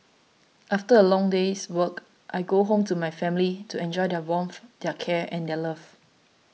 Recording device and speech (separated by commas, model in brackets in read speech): mobile phone (iPhone 6), read sentence